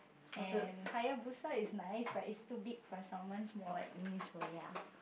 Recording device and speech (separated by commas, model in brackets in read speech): boundary microphone, conversation in the same room